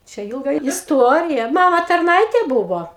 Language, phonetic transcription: Lithuanian, ˈčia ˈilga isˈtuorija ˈmama tarˈnaitė ˈbuvo

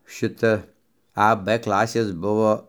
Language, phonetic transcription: Lithuanian, ˈšita a b ˈklasės ˈbuvo

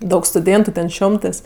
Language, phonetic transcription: Lithuanian, ˈdaug stuˈdėntu ten ˈšiomtɜs

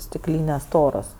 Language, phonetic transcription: Lithuanian, stikˈlynės ˈstoros

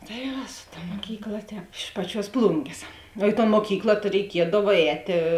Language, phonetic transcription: Lithuanian, tai ˈva su ˈta ˈmokykˌla ˈtēp iš ˈpaˌčiuos ˈplungės o i ton moˈkykla tai reiˈkiedav ˈētė

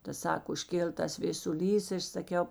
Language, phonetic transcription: Lithuanian, ˈta ˈsako užˈkėl ˈtas vėsuˈlys i ˈaš saˈkiau

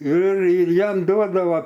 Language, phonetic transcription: Lithuanian, ir ir ˈjam ˈduodava

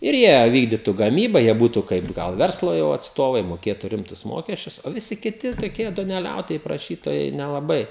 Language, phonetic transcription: Lithuanian, ir ˈjie ˈvykdytu gaˈmyba ˈjie ˈbūtu ˈkaip ˈgal ˈverslo jau atsˈtovai moˈkėtu ˈrimtus ˈmokesčius o viˈsi kiˈti toˈkie duoneˈliautojai praˈšytojai nelaˈbai

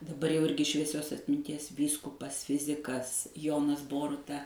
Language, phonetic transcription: Lithuanian, daˈbar jau ˈirgi švieˈsios atminˈties ˈvyskupas ˈfizikas ˈjonas ˈboruta

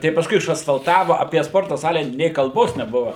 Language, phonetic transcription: Lithuanian, tai pasˈkui išasfalˈtava apie ˈsporta ˈsale nė kalˈbos neˈbuva

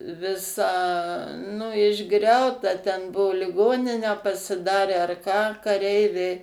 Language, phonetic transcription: Lithuanian, viˈsa nu išˈgriauta ten ˈbuo liˈgoninę pasiˈdarę ar ką kaˈreiviai

